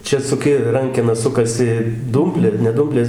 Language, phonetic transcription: Lithuanian, ˈčia suˈki ˈrankena ˈsukasi ˈdūmplė ne ˈdūmplės

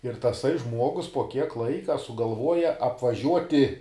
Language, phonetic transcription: Lithuanian, ir taˈsai ˈžmuogus po kiek ˈlaika sugalˈvuoja apvaˈžiuoti

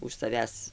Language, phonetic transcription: Lithuanian, už saˈvęs

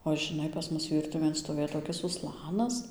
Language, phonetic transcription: Lithuanian, o žiˈnai pas ˈmus ˈvyrtuvėn stoˈvėj toˈkis uˈslanas

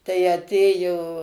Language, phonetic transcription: Lithuanian, tai aˈtėjo

